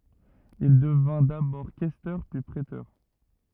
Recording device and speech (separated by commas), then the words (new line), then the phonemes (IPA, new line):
rigid in-ear microphone, read sentence
Il devint d'abord questeur, puis préteur.
il dəvɛ̃ dabɔʁ kɛstœʁ pyi pʁetœʁ